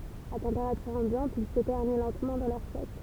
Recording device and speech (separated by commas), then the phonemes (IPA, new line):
temple vibration pickup, read sentence
a tɑ̃peʁatyʁ ɑ̃bjɑ̃t il sə tɛʁni lɑ̃tmɑ̃ dɑ̃ lɛʁ sɛk